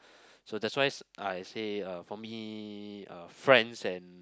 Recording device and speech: close-talking microphone, conversation in the same room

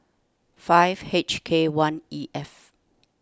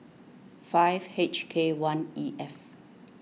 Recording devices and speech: standing microphone (AKG C214), mobile phone (iPhone 6), read sentence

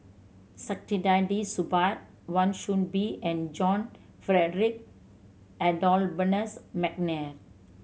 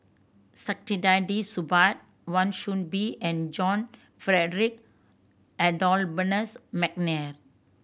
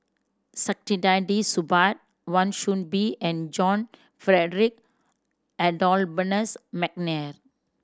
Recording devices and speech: mobile phone (Samsung C7100), boundary microphone (BM630), standing microphone (AKG C214), read sentence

